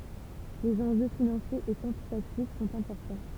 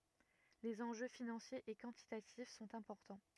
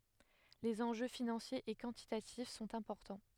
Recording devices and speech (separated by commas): temple vibration pickup, rigid in-ear microphone, headset microphone, read sentence